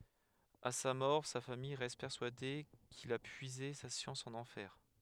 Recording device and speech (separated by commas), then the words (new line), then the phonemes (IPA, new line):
headset microphone, read sentence
À sa mort, sa famille reste persuadée qu'il a puisé sa science en enfer.
a sa mɔʁ sa famij ʁɛst pɛʁsyade kil a pyize sa sjɑ̃s ɑ̃n ɑ̃fɛʁ